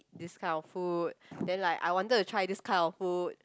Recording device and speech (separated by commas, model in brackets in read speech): close-talking microphone, conversation in the same room